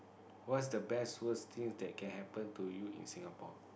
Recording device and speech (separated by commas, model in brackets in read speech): boundary microphone, conversation in the same room